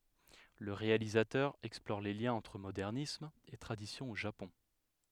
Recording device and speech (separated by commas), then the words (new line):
headset microphone, read sentence
Le réalisateur explore les liens entre modernisme et tradition au Japon.